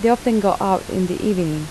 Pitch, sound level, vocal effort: 190 Hz, 80 dB SPL, soft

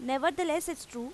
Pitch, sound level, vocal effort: 310 Hz, 90 dB SPL, loud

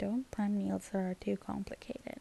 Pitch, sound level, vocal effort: 185 Hz, 74 dB SPL, soft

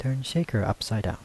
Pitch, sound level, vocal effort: 110 Hz, 77 dB SPL, soft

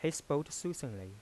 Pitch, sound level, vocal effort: 145 Hz, 86 dB SPL, soft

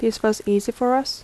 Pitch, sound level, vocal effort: 225 Hz, 79 dB SPL, soft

